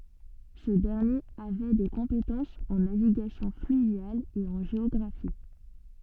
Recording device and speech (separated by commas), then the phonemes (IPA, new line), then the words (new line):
soft in-ear microphone, read sentence
sə dɛʁnjeʁ avɛ de kɔ̃petɑ̃sz ɑ̃ naviɡasjɔ̃ flyvjal e ɑ̃ ʒeɔɡʁafi
Ce dernier avait des compétences en navigation fluviale et en géographie.